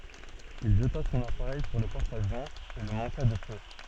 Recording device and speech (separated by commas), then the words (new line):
soft in-ear microphone, read sentence
Il jeta son appareil sur le porte-avion et le manqua de peu.